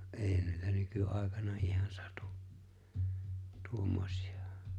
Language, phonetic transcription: Finnish, ’eeⁱhän niitä 'nyky'’ài̬kana ihan 'sᴀtᴜ , 'tuommᴏśɪ₍ᴀ .
- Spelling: eihän niitä nykyaikana ihan satu tuommoisia

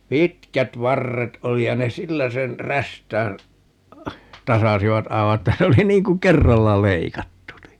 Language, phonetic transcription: Finnish, "pitkät 'varret 'oli ja ne "sillä sen , 'rästään , 'tasasivat 'aiva että 'se oli 'niiŋ ku "kerralla 'leikattu ni .
- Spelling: pitkät varret oli ja ne sillä sen räystään tasasivat aivan että se oli niin kuin kerralla leikattu niin

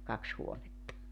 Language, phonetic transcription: Finnish, 'kaks 'huonetta .
- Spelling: kaksi huonetta

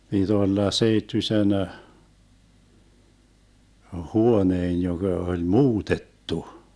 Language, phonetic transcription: Finnish, piD 'olla 'seittysen , "huoneen 'joGa oĺ "muutettu .
- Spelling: piti olla seittyisen huoneen joka oli muutettu

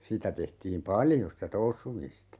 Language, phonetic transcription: Finnish, 'sitä tehtiim "paljo sitä 'toussumista .
- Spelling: sitä tehtiin paljon sitä toussuamista

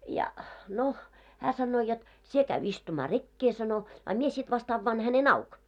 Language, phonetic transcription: Finnish, ja , no , 'hää 'sannoo jot , » 'sie käy 'istumaa "rekke « sano , » a 'mie sit vas't ‿avvaan häne"n ‿auk « .
- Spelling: ja no hän sanoo jotta sinä käy istumaan rekeen sanoi a minä sitten vasta avaan hänen auki

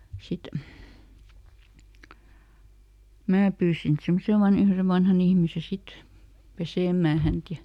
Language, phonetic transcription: Finnish, ˈsit , ˈmää pyysin sen ˈsaman ‿ihmise "vanhan ‿ihmise ˈsit , "pesèm̆mää hänt ja ,.
- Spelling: sitten minä pyysin sen saman ihmisen vanhan ihmisen sitten pesemään häntä ja

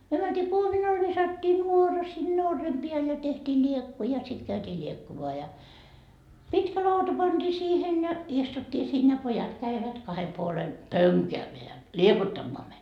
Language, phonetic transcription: Finnish, myö mäntii 'kuominal visattii 'nuora sinne 'orrem piäl ja tehtii 'ĺiekku ja sit käytii 'ĺiekkumoa ja , "pitkä 'lauta pantii siihen ja , 'istuttii siin ja "pojat käivät 'kahe 'puole , "pöŋkäämeä , 'liekuttammoa meit .
- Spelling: me mentiin kuominalle viskattiin nuora sinne orren päälle ja tehtiin liekku ja sitten käytiin liekkumaan ja pitkä lauta pantiin siihen ja istuttiin siinä ja pojat kävivät kahden puolen pönkäämään liekuttamaan meitä

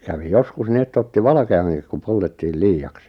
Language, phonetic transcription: Finnish, kävi 'joskus 'ni et't ‿otti "valᵃke₍aŋkik ku 'poltettiil "lii₍aks .
- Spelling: kävi joskus niin että otti valkeankin kun poltettiin liiaksi

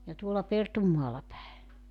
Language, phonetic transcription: Finnish, ja tuolla 'Pertummaalla päe .
- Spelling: ja tuolla Pertunmaalla päin

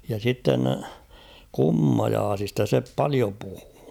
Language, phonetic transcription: Finnish, ja sitten , 'kummajaasista se "palio puhᴜᴜ .
- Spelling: ja sitten kummajaisista se paljon puhui

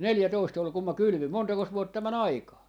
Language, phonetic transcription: Finnish, "neljätoist 'ol 'kum 'ma "kylʸvim "montakos 'vuotta 'mä"n ‿aikaa .
- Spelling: neljätoista oli kun minä kylvin montakos vuotta meni aikaa

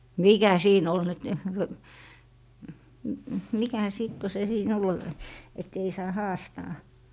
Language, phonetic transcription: Finnish, "mìkä 'siin ‿ol nyt , mikä 'sìt ko se sii'n ‿'ol , et 'ei saa "haastaa .
- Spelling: mikä siinä oli nyt mikä sitten kun se siinä oli että ei saa haastaa

